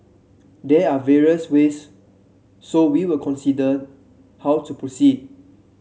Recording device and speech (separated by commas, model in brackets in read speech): mobile phone (Samsung C7), read sentence